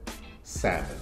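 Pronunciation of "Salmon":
'Salmon' is pronounced correctly here, with two syllables.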